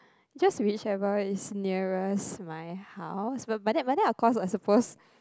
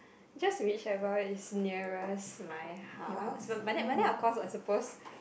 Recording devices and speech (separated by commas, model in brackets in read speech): close-talking microphone, boundary microphone, conversation in the same room